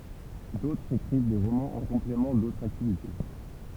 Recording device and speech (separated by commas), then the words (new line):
temple vibration pickup, read sentence
D'autres écrivent des romans en complément d'autres activités.